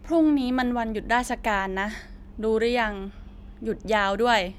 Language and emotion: Thai, frustrated